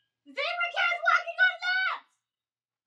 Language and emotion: English, surprised